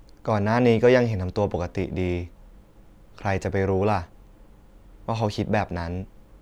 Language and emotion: Thai, neutral